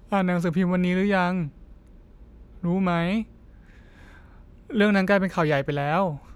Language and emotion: Thai, frustrated